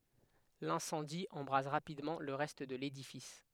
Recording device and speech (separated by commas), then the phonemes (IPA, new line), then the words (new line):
headset microphone, read sentence
lɛ̃sɑ̃di ɑ̃bʁaz ʁapidmɑ̃ lə ʁɛst də ledifis
L'incendie embrase rapidement le reste de l'édifice.